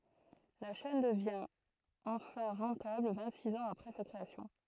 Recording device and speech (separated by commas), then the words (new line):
throat microphone, read sentence
La chaîne devient enfin rentable vingt-six ans après sa création.